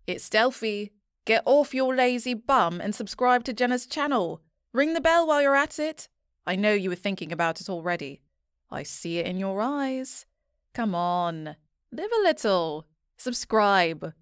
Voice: Confident Female Voice